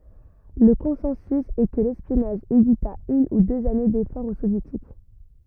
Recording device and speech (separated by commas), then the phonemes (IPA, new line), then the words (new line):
rigid in-ear microphone, read sentence
lə kɔ̃sɑ̃sy ɛ kə lɛspjɔnaʒ evita yn u døz ane defɔʁz o sovjetik
Le consensus est que l'espionnage évita une ou deux années d'efforts aux Soviétiques.